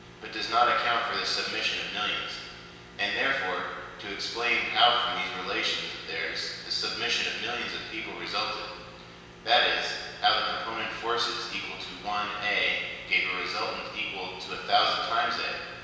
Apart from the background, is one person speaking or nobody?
One person.